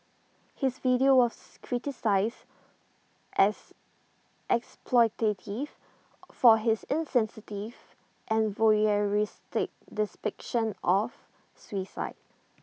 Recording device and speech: mobile phone (iPhone 6), read sentence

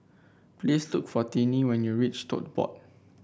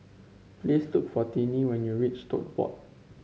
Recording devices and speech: boundary microphone (BM630), mobile phone (Samsung C5), read sentence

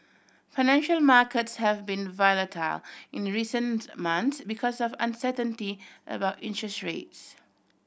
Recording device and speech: boundary microphone (BM630), read sentence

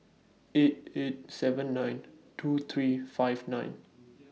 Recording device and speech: mobile phone (iPhone 6), read sentence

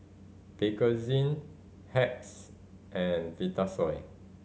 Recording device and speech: mobile phone (Samsung C5010), read sentence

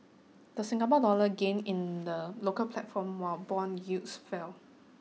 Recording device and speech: mobile phone (iPhone 6), read sentence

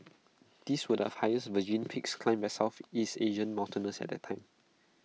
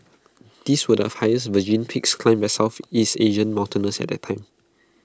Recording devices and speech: mobile phone (iPhone 6), close-talking microphone (WH20), read sentence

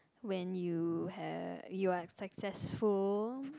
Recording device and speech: close-talking microphone, conversation in the same room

